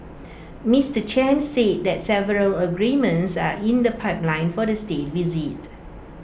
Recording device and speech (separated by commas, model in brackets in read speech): boundary microphone (BM630), read sentence